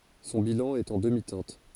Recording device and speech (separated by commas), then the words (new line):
forehead accelerometer, read sentence
Son bilan est en demi-teinte.